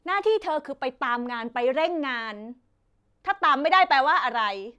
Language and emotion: Thai, angry